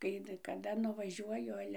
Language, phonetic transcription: Lithuanian, kai kaˈda nuvaˈžiuoju ˈale

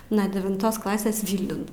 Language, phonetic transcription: Lithuanian, nuo devinˈtos ˈklasės ˈvylniun

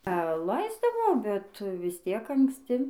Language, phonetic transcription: Lithuanian, a ˈlaisdavo bet vis ˈtiek anksˈti

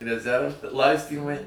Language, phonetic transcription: Lithuanian, reˈzerv ˈlaistymai

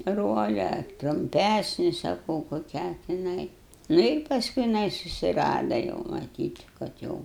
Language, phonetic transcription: Lithuanian, ˈrole ar trumˈpæsni saˈkau koˈkią tiˈnai ˈnu ir pasˈkui jiˈnai susiˈrada jau maˈtyt kad ˈjau

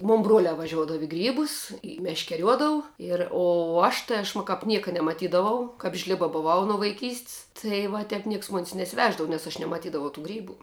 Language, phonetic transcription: Lithuanian, ˈmon ˈbrolia vaˈžiuodav i ˈgrybus i meškeˈriuodou ir ˈo ˈaš tɘ ˈaš m kap ˈnieka nemaˈtydavau kap ˈžliba buˈvau nu vaiˈkys't's' tai va ˈtep ˈnieks mon's' nesiˈveždavo nes aš nemaˈtydavau tų ˈgrybu

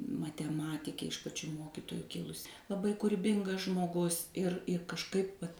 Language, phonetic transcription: Lithuanian, mateˈmatikė iš paˈčių ˈmokitoju ˈkilusi laˈbai kuriˈbingas žmoˈgus ir i kažˈkaip vat

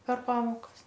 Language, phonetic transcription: Lithuanian, per ˈpamokas

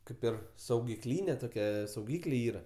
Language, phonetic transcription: Lithuanian, ˈkaip ir saugiˈklyne toˈkia sauˈgyklė ˈyra

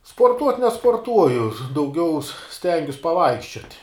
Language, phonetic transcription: Lithuanian, sporˈtuot' nesporˈtuoju dauˈgiau ˈstengius paˈvaikščiot'

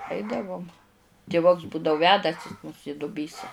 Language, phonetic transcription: Lithuanian, ˈaidavum tiˈvuks ˈbūdau ˈvedasi mus i duˈbysa

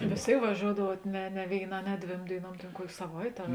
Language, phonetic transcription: Lithuanian, vės ˈtėik vaˈžiouodavuot ˈne ne vėiˈnā ne ˈdvėm dėiˈnuom ˈtėn ˈkuokė saˈvaitė ar

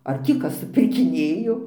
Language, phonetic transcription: Lithuanian, ar ˈtį ˈkas supirkiˈnėjo

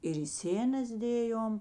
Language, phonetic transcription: Lithuanian, ir i ˈsėnas ˈdėjom

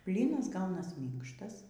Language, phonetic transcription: Lithuanian, ˈblynas ˈgaunas ˈmynkštas

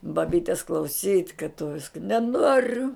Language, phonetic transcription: Lithuanian, baˈbytes klauˈsyt' kad tu ˈviska neˈnoriu

